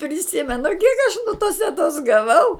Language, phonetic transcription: Lithuanian, priˈsimenu kiek aš nu tos teˈtos gaˈvau

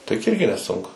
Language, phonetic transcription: Lithuanian, tai juk ˈirgi neˈsunku

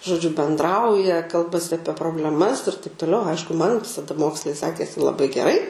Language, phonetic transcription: Lithuanian, žoˈdžiu bendˈrauja ˈkalbasi aˈpie probleˈmas ir taip toˈliau ˈaišku man taˈda ˈmokslai ˈsekėsi laˈbai geˈrai

